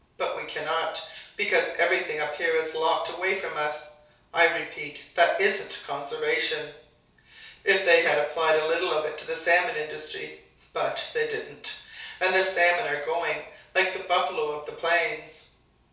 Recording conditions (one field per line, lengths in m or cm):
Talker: one person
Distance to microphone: 3.0 m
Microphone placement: far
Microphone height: 1.8 m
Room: small (3.7 m by 2.7 m)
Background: none